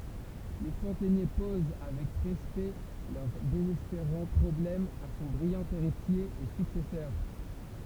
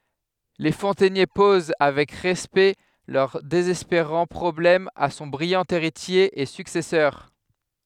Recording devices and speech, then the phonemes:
temple vibration pickup, headset microphone, read sentence
le fɔ̃tɛnje poz avɛk ʁɛspɛkt lœʁ dezɛspeʁɑ̃ pʁɔblɛm a sɔ̃ bʁijɑ̃ eʁitje e syksɛsœʁ

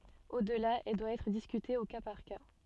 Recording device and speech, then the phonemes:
soft in-ear microphone, read sentence
odla ɛl dwa ɛtʁ diskyte o ka paʁ ka

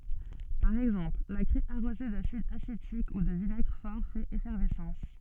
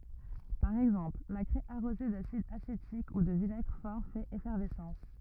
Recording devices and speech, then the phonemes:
soft in-ear microphone, rigid in-ear microphone, read sentence
paʁ ɛɡzɑ̃pl la kʁɛ aʁoze dasid asetik u də vinɛɡʁ fɔʁ fɛt efɛʁvɛsɑ̃s

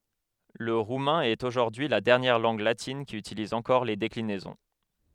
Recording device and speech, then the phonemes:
headset microphone, read sentence
lə ʁumɛ̃ ɛt oʒuʁdyi y la dɛʁnjɛʁ lɑ̃ɡ latin ki ytiliz ɑ̃kɔʁ le deklinɛzɔ̃

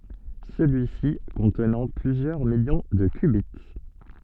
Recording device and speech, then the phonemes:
soft in-ear microphone, read sentence
səlyi si kɔ̃tnɑ̃ plyzjœʁ miljɔ̃ də kbi

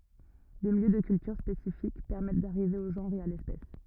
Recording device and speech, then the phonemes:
rigid in-ear microphone, read sentence
de miljø də kyltyʁ spesifik pɛʁmɛt daʁive o ʒɑ̃ʁ e a lɛspɛs

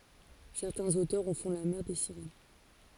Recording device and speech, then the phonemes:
forehead accelerometer, read sentence
sɛʁtɛ̃z otœʁz ɑ̃ fɔ̃ la mɛʁ de siʁɛn

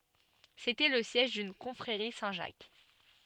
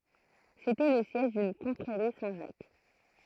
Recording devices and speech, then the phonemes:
soft in-ear microphone, throat microphone, read sentence
setɛ lə sjɛʒ dyn kɔ̃fʁeʁi sɛ̃tʒak

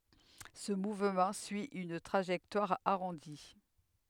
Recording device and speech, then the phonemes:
headset microphone, read sentence
sə muvmɑ̃ syi yn tʁaʒɛktwaʁ aʁɔ̃di

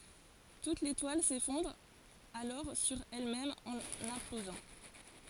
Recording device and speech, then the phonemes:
forehead accelerometer, read sentence
tut letwal sefɔ̃dʁ alɔʁ syʁ ɛlmɛm ɑ̃n ɛ̃plozɑ̃

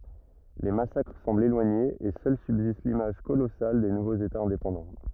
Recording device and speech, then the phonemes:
rigid in-ear microphone, read sentence
le masakʁ sɑ̃blt elwaɲez e sœl sybzist limaʒ kolɔsal de nuvoz etaz ɛ̃depɑ̃dɑ̃

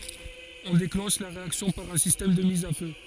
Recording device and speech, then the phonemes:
forehead accelerometer, read sentence
ɔ̃ deklɑ̃ʃ la ʁeaksjɔ̃ paʁ œ̃ sistɛm də miz a fø

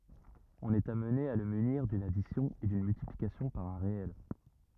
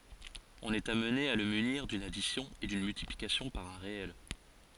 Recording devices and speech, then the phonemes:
rigid in-ear microphone, forehead accelerometer, read sentence
ɔ̃n ɛt amne a lə myniʁ dyn adisjɔ̃ e dyn myltiplikasjɔ̃ paʁ œ̃ ʁeɛl

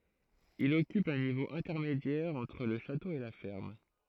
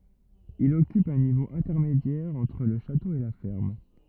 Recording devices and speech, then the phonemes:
throat microphone, rigid in-ear microphone, read sentence
il ɔkyp œ̃ nivo ɛ̃tɛʁmedjɛʁ ɑ̃tʁ lə ʃato e la fɛʁm

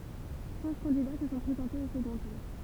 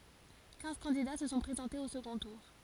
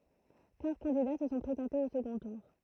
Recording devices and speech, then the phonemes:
temple vibration pickup, forehead accelerometer, throat microphone, read sentence
kɛ̃z kɑ̃dida sə sɔ̃ pʁezɑ̃tez o səɡɔ̃ tuʁ

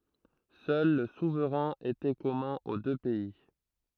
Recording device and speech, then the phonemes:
throat microphone, read sentence
sœl lə suvʁɛ̃ etɛ kɔmœ̃ o dø pɛi

